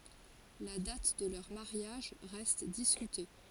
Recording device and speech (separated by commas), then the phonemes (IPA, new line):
forehead accelerometer, read sentence
la dat də lœʁ maʁjaʒ ʁɛst diskyte